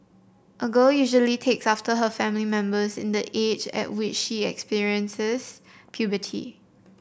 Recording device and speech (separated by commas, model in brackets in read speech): boundary microphone (BM630), read sentence